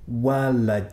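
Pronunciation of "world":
'World' is pronounced incorrectly here, without a dark L.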